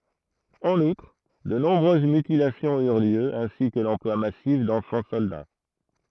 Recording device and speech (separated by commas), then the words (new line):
throat microphone, read sentence
En outre, de nombreuses mutilations eurent lieu, ainsi que l'emploi massif d'enfants soldats.